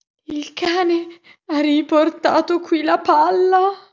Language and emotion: Italian, fearful